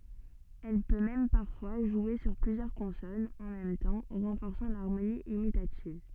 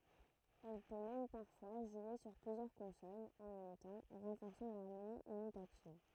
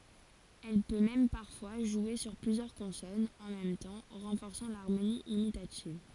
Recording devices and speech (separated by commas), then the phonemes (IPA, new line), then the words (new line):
soft in-ear microphone, throat microphone, forehead accelerometer, read sentence
ɛl pø mɛm paʁfwa ʒwe syʁ plyzjœʁ kɔ̃sɔnz ɑ̃ mɛm tɑ̃ ʁɑ̃fɔʁsɑ̃ laʁmoni imitativ
Elle peut même parfois jouer sur plusieurs consonnes en même temps, renforçant l'harmonie imitative.